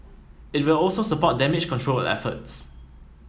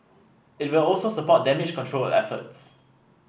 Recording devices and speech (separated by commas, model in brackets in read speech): mobile phone (iPhone 7), boundary microphone (BM630), read sentence